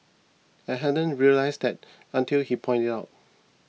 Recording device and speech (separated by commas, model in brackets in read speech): mobile phone (iPhone 6), read sentence